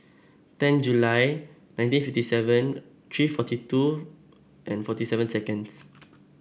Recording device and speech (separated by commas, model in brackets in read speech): boundary microphone (BM630), read sentence